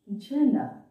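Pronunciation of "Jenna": The word 'genre' is pronounced incorrectly here.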